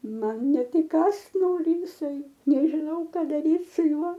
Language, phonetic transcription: Lithuanian, ˈman ˈnet iˈkąst ˈnori jiˈsai nežiˈnau ˈka daˈryt su ˈjuo

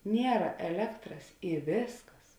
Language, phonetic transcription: Lithuanian, ˈniera eˈlektras i ˈvėsˌkas

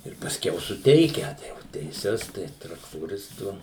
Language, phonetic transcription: Lithuanian, ir pasˈkiau suˈteikia tai jau teiˈses ˈtai traktoˈristu

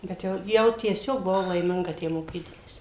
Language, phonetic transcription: Lithuanian, bet ˈjau jau tieˈsiog buˈvau laiˈminga ˈtę moˈkydamasi

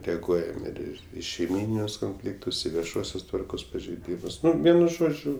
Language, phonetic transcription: Lithuanian, ˈtegu ˈein ir ˈir i šeiˈmyninius konˈfliktus ˈį vieˈšuosios ˈtvarkos pažeiˈdymus ˈnu ˈvienu ˈžodžiu

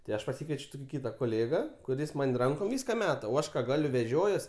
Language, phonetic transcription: Lithuanian, tai ˈaš paˈsikvieč' ˈtuki ˈkyta koˈlėga kuˈris ˈman' ˈrankom ˈvyska ˈmeta o ˈaš ka ˈgaliu veˈžiojuos

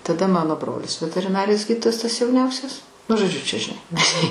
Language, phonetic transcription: Lithuanian, taˈda ˈmano ˈbrolis veteriˈnarijos ˈgyditojas tas jauˈniausias nu žoˈdžiu čia žiˈnai

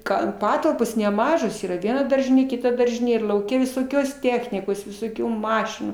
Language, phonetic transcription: Lithuanian, ˈgan ˈpatalpos neˈmažos ˈyra ˈviena ˈdaržinė ˈkita ˈdaržinė ir lauˈke visoˈkios ˈtechnikos visoˈkių ˈmašinų

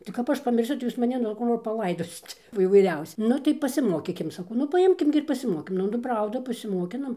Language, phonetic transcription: Lithuanian, tai kap ˈaš pamirˈsiu tai ˈjūs maˈni nu ˈko va paˈlaidosit o įvaiˈriausi ˈnu tai pasiˈmokykim saˈkau nu paˈimkim gi ir pasiˈmokinam nu ˈprauda pasimoˈkinom

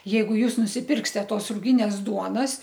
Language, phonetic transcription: Lithuanian, ˈjeigu ˈjūs nusiˈpirkste ˈtos rūˈginės ˈduonas

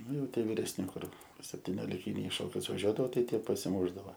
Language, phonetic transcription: Lithuanian, ˈnu jau ˈtie viresˈni ˈkur septinioliˈkiniai i ˈšokius vaˈžiuodavo ˈtai ˈtie pasiˈmušdavo

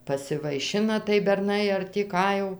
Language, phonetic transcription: Lithuanian, pasivaiˈšina tai berˈnai ar tį ˈką jau

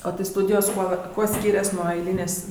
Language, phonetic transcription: Lithuanian, o tai ˈstūdijos ˈkuo ˈkuo ˈskyrias nuo ˈailynės'

